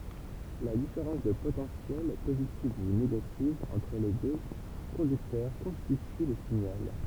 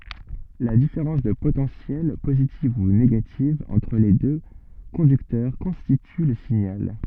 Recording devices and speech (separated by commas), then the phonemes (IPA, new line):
temple vibration pickup, soft in-ear microphone, read sentence
la difeʁɑ̃s də potɑ̃sjɛl pozitiv u neɡativ ɑ̃tʁ le dø kɔ̃dyktœʁ kɔ̃stity lə siɲal